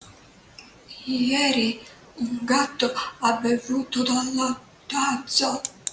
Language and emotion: Italian, fearful